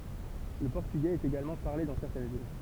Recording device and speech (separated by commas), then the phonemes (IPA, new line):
temple vibration pickup, read sentence
lə pɔʁtyɡɛz ɛt eɡalmɑ̃ paʁle dɑ̃ sɛʁtɛn vil